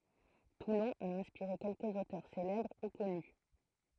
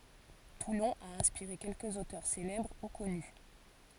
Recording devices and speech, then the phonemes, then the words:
throat microphone, forehead accelerometer, read sentence
tulɔ̃ a ɛ̃spiʁe kɛlkəz otœʁ selɛbʁ u kɔny
Toulon a inspiré quelques auteurs célèbres ou connus.

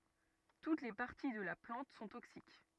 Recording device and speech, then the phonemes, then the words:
rigid in-ear microphone, read sentence
tut le paʁti də la plɑ̃t sɔ̃ toksik
Toutes les parties de la plante sont toxiques.

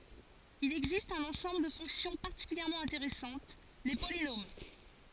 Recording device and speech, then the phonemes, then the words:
forehead accelerometer, read sentence
il ɛɡzist œ̃n ɑ̃sɑ̃bl də fɔ̃ksjɔ̃ paʁtikyljɛʁmɑ̃ ɛ̃teʁɛsɑ̃t le polinom
Il existe un ensemble de fonctions particulièrement intéressantes, les polynômes.

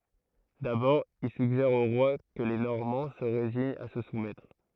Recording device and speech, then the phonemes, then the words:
throat microphone, read sentence
dabɔʁ il syɡʒɛʁ o ʁwa kə le nɔʁmɑ̃ sə ʁeziɲt a sə sumɛtʁ
D'abord, il suggère au roi que les Normands se résignent à se soumettre.

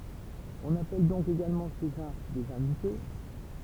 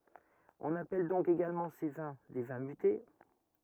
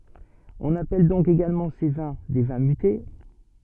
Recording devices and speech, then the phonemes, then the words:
temple vibration pickup, rigid in-ear microphone, soft in-ear microphone, read sentence
ɔ̃n apɛl dɔ̃k eɡalmɑ̃ se vɛ̃ de vɛ̃ myte
On appelle donc également ces vins des vins mutés.

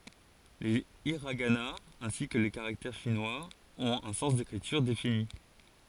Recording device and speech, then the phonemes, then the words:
forehead accelerometer, read sentence
le iʁaɡanaz ɛ̃si kə le kaʁaktɛʁ ʃinwaz ɔ̃t œ̃ sɑ̃s dekʁityʁ defini
Les hiraganas, ainsi que les caractères chinois, ont un sens d'écriture défini.

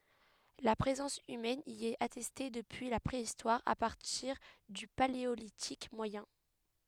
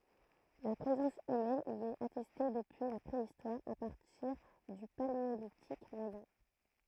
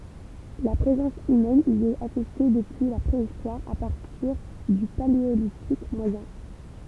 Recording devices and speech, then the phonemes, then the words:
headset microphone, throat microphone, temple vibration pickup, read sentence
la pʁezɑ̃s ymɛn i ɛt atɛste dəpyi la pʁeistwaʁ a paʁtiʁ dy paleolitik mwajɛ̃
La présence humaine y est attestée depuis la Préhistoire, à partir du Paléolithique moyen.

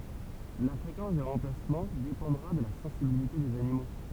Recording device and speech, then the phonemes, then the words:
temple vibration pickup, read sentence
la fʁekɑ̃s de ʁɑ̃plasmɑ̃ depɑ̃dʁa də la sɑ̃sibilite dez animo
La fréquence des remplacements dépendra de la sensibilité des animaux.

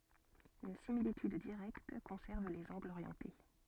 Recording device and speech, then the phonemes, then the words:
soft in-ear microphone, read sentence
yn similityd diʁɛkt kɔ̃sɛʁv lez ɑ̃ɡlz oʁjɑ̃te
Une similitude directe conserve les angles orientés.

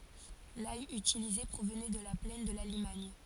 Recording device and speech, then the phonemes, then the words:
forehead accelerometer, read sentence
laj ytilize pʁovnɛ də la plɛn də la limaɲ
L’ail utilisé provenait de la plaine de la Limagne.

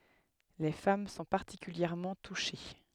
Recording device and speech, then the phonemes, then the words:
headset microphone, read sentence
le fam sɔ̃ paʁtikyljɛʁmɑ̃ tuʃe
Les femmes sont particulièrement touchées.

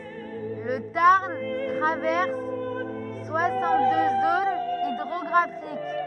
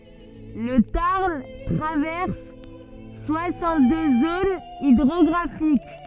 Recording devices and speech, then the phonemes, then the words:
rigid in-ear microphone, soft in-ear microphone, read sentence
lə taʁn tʁavɛʁs swasɑ̃t dø zonz idʁɔɡʁafik
Le Tarn traverse soixante-deux zones hydrographiques.

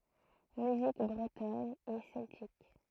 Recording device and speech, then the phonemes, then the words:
throat microphone, read sentence
myzik bʁətɔn e sɛltik
Musique bretonne et celtique.

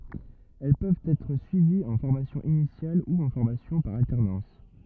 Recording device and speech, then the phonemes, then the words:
rigid in-ear microphone, read sentence
ɛl pøvt ɛtʁ syiviz ɑ̃ fɔʁmasjɔ̃ inisjal u ɑ̃ fɔʁmasjɔ̃ paʁ altɛʁnɑ̃s
Elles peuvent être suivies en formation initiale ou en formation par alternance.

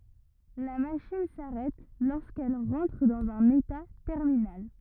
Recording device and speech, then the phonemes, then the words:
rigid in-ear microphone, read sentence
la maʃin saʁɛt loʁskɛl ʁɑ̃tʁ dɑ̃z œ̃n eta tɛʁminal
La machine s'arrête lorsqu'elle rentre dans un état terminal.

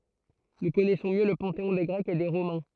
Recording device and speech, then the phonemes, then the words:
throat microphone, read sentence
nu kɔnɛsɔ̃ mjø lə pɑ̃teɔ̃ de ɡʁɛkz e de ʁomɛ̃
Nous connaissons mieux le panthéon des Grecs et des Romains.

